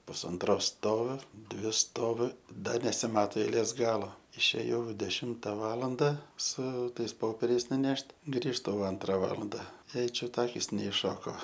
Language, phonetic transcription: Lithuanian, pusanˈtros ˈstoviu ˈdvi ˈstoviu ˈda nesiˈmato eiˈlės ˈgalo išėˈjau deˈšimta ˈvalanda su ˈtais ˈpoperiais nuˈnešt' ˈgrįžtu jau ˈantra ˈvalanda ˈjai ˈčiut ˈakis neišˈšoko

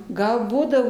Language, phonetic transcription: Lithuanian, ˈgal ˈbūdavo

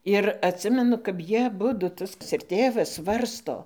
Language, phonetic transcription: Lithuanian, ir atˈsimenu kap ˈjie aˈbudu ˈtas ir ˈtėvas ˈsvarsto

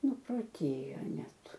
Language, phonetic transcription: Lithuanian, nuproˈtėjo ˈnet

